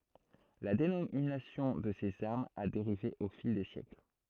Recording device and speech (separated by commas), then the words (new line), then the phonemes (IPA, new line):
throat microphone, read sentence
La dénomination de ces armes a dérivé au fil des siècles.
la denominasjɔ̃ də sez aʁmz a deʁive o fil de sjɛkl